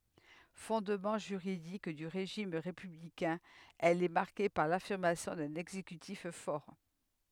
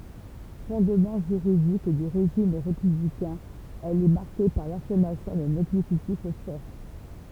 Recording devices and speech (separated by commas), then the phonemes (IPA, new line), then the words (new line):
headset microphone, temple vibration pickup, read sentence
fɔ̃dmɑ̃ ʒyʁidik dy ʁeʒim ʁepyblikɛ̃ ɛl ɛ maʁke paʁ lafiʁmasjɔ̃ dœ̃n ɛɡzekytif fɔʁ
Fondement juridique du régime républicain, elle est marquée par l'affirmation d'un exécutif fort.